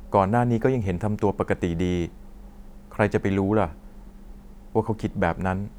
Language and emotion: Thai, sad